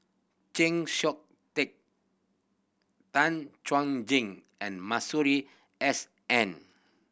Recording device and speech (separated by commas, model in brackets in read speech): boundary microphone (BM630), read sentence